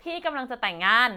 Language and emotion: Thai, happy